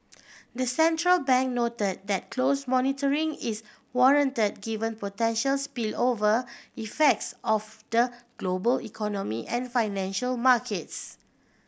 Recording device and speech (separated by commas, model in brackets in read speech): boundary microphone (BM630), read sentence